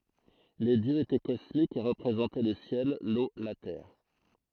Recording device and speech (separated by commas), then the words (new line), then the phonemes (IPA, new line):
throat microphone, read sentence
Les dieux étaient cosmiques et représentaient le ciel, l’eau, la terre.
le djøz etɛ kɔsmikz e ʁəpʁezɑ̃tɛ lə sjɛl lo la tɛʁ